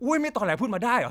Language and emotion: Thai, angry